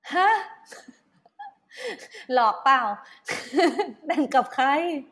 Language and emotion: Thai, happy